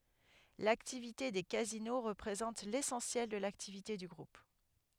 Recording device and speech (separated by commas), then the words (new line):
headset microphone, read sentence
L'activité des casinos représente l'essentiel de l'activité du Groupe.